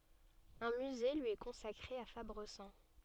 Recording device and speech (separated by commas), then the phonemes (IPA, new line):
soft in-ear microphone, read sentence
œ̃ myze lyi ɛ kɔ̃sakʁe a fabʁəzɑ̃